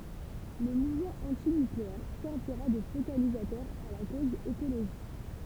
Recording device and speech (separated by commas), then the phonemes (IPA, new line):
temple vibration pickup, read sentence
lə muvmɑ̃ ɑ̃tinykleɛʁ sɛʁviʁa də fokalizatœʁ a la koz ekoloʒist